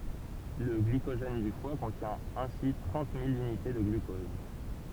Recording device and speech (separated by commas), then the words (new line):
temple vibration pickup, read sentence
Le glycogène du foie contient ainsi trente mille unités de glucose.